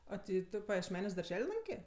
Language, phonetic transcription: Lithuanian, a ˈti ˈtu pajiešˈmeniuos darˈžel' ˈlankė

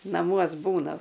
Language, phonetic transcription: Lithuanian, naˈmuos ˈbūnam

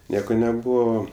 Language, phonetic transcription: Lithuanian, ˈnieko neˈbūvo

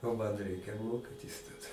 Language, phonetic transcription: Lithuanian, o ˈman ˈreikia ˈmokitis taˈda

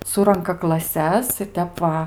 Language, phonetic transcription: Lithuanian, ˈsuranka klaˈses ir ˈtep va

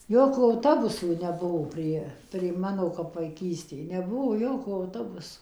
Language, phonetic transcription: Lithuanian, ˈjokių auˈtobusų neˈbuvo ˈprie prie ˈmano kap vaiˈkystėj neˈbuvo ˈjokų auˈtobusu

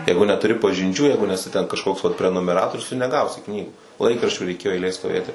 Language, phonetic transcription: Lithuanian, ˈjeigu netuˈri pažinˈčių ˈjeigu neˈsi ten kažˈkoks vat prenumeˈratorius tu neˈgausi ˈknygų ˈlaikraščių reiˈkėjo eiˈlėj stoˈvėti

